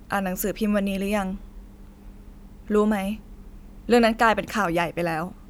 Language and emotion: Thai, frustrated